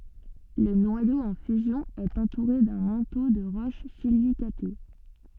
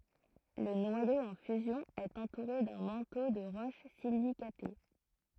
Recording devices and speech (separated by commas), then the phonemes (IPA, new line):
soft in-ear microphone, throat microphone, read sentence
lə nwajo ɑ̃ fyzjɔ̃ ɛt ɑ̃tuʁe dœ̃ mɑ̃to də ʁoʃ silikate